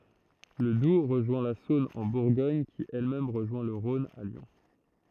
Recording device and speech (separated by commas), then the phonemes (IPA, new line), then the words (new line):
throat microphone, read sentence
lə dub ʁəʒwɛ̃ la sɔ̃n ɑ̃ buʁɡɔɲ ki ɛl mɛm ʁəʒwɛ̃ lə ʁɔ̃n a ljɔ̃
Le Doubs rejoint la Saône en Bourgogne qui elle-même rejoint le Rhône à Lyon.